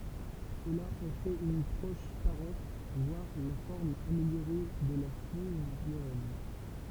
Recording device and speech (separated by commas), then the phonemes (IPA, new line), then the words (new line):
temple vibration pickup, read sentence
səla ɑ̃ fɛt yn pʁɔʃ paʁɑ̃t vwaʁ la fɔʁm ameljoʁe də la fjuz loʁɛn
Cela en fait une proche parente, voire la forme améliorée de la fiouse lorraine.